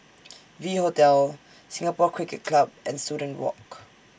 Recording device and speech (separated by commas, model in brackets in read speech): standing microphone (AKG C214), read sentence